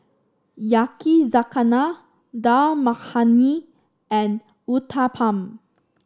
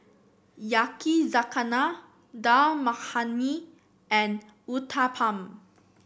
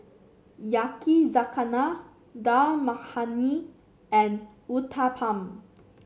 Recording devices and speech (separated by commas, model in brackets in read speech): standing microphone (AKG C214), boundary microphone (BM630), mobile phone (Samsung C7), read sentence